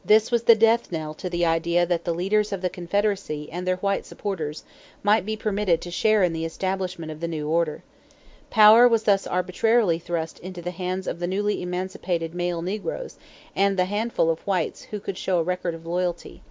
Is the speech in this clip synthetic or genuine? genuine